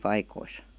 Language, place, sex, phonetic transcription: Finnish, Vihti, female, 'paikois .
- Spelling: paikkoihin

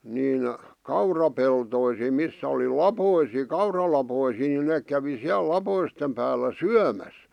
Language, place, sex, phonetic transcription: Finnish, Vihti, male, niin , 'kaurapeltoisi̳m 'missä oli "lapoisì "kauralapoisii niin neek kävi 'siäl "lapoistem päällä "syämäs .
- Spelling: niin kaurapeltoihin missä oli laposia kauralaposia niin ne kävi siellä laposten päällä syömässä

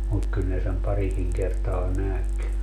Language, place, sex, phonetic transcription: Finnish, Padasjoki, male, mut 'kyl ne sem 'parikiŋ kertaa "näk .
- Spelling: mutta kyllä ne sen parikin kertaa näki

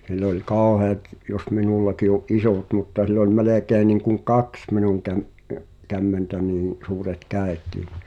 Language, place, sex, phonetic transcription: Finnish, Pihtipudas, male, (s)ill ‿oĺ "kàoheat , jos 'minullaki o’ "’isòt mutta sil ‿ol 'melèkei̬ niŋkuŋ "kaks 'minuŋ käm- , ’ə- , 'kämmentä niḭ , 'suuret "kä̀et̀ii (ɴɪ) ,.
- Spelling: sillä oli kauheat jos minullakin on isot mutta sillä oli melkein niin kuin kaksi minun - - kämmentä niin suuret kädetkin niin

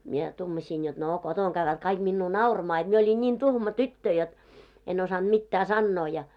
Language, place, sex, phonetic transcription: Finnish, Moloskovitsa, female, mie , 'tuumasiin jot 'no 'kotoŋ ɢävvät 'kaik minnuu "nauramaa jot mie oĺin ńin 'tuhma 'tyttö jot , en osanᴅ 'mittää "sannoo ja .
- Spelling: minä tuumasin jotta no kotona käyvät kaikki minua nauramaan jotta minä olin niin tuhma tyttö jotta en osannut mitään sanoa ja

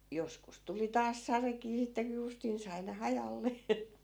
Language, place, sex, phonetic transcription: Finnish, Askola, female, 'joskus tuli 'taas "sarekii sitte ku 'justin sai ne 'hajalle .
- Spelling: joskus tuli taas sadekin sitten kun justiin sai ne hajalle

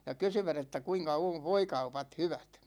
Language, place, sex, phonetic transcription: Finnish, Ikaalinen, male, ja 'kysyvät ‿että 'kuiŋka ov "voikaupat 'hyvät .
- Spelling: ja kysyivät että kuinka on voikaupat hyvät

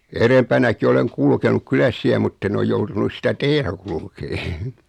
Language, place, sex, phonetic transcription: Finnish, Noormarkku, male, (ja) 'erempänäki 'oleŋ "kulkenuk 'kyläs siä 'mutt ‿en oj 'joutunus sitä 'tee(r)ä kulkee .
- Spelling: ja edempänäkin olen kulkenut kylässä siellä mutta en ole joutunut sitä tietä kulkemaan

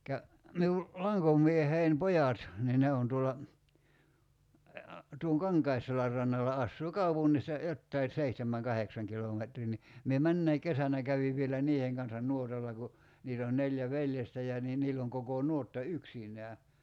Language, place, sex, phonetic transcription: Finnish, Kerimäki, male, -kä , 'miul , 'laŋkom̀iehein "pojat , nii 'ne on tuolla , tuoŋ 'Kaŋkaisselär rannala 'assuu "kaupunnis(t)a , 'jottai , 'seihtem̀äŋ "kaheksaŋ 'kilometrii ni , mie 'männäi "kesänä käviv vielä 'niiheŋ kansan 'nuotalla ku , 'niit ‿oon 'neljä 'veljestä ja nii 'niill ‿oŋ 'kokò "nuotta "yksiǹää .
- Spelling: - minun lankomieheni pojat niin ne on tuolla tuon Kankaisselän rannalla asuu kaupungista jotakin seitsemän kahdeksan kilometriä niin minä menneenäkin kesänä kävin vielä niiden kanssa nuotalla kun niitä on neljä veljestä ja niin niillä on koko nuotta yksinään

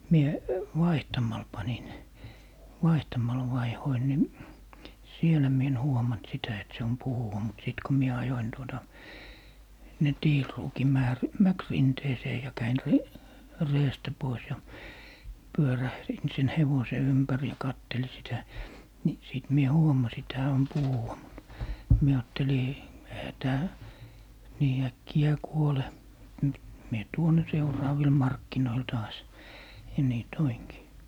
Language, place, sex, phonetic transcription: Finnish, Lappee, male, 'mie , "vaihtamal 'panin , 'vaihtamal vaihoin ni , "sielä mie en 'huomant sitä et se on 'puhuwa mut 'sìt ko "mie 'ajoin 'tuota , (sinne) "tiilruuki 'määrr- , "mäkrinteesee ja 'käin 're- , "reestä 'pois ja 'pyörährin siin "hevose 'ympär ja 'katteli sitä , ni 'sìt mie "huomasi et 'hää om "puhuwa mut , 'mie 'aatteli , ehä 'tää , 'nii 'äkkijää "kuole , m- , mie 'tuon ne 'seuraavil "markkinoil 'taas , ja 'nii "toiŋki .
- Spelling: minä vaihtamalla panin vaihtamalla vaihdoin niin siellä minä en huomannut sitä että se on puhuva mutta sitten kun minä ajoin tuota sinne tiiliruukin - mäkirinteeseen ja kävin - reestä pois ja pyörähdin siinä hevosen ympäri ja katselin sitä niin sitten minä huomasin että hän on puhuva mutta minä ajattelin eihän tämä niin äkkiä kuole - minä tuon ne seuraaville markkinoille taas ja niin toinkin

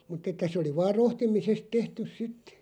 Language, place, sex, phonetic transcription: Finnish, Loppi, male, mut'ᵗ ‿että se oli 'vaar 'rohtimisest 'tehtys "sit ,.
- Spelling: mutta että se oli vain rohtimisesta tehty sitten

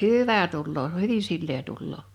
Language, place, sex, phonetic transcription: Finnish, Liperi, female, hỳvä tulloo "hyvi 'sillee tulloo .
- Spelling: hyvä tulee hyvin sileä tulee

